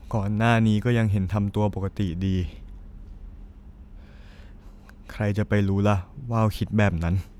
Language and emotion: Thai, sad